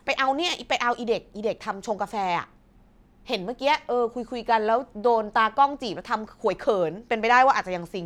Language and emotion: Thai, frustrated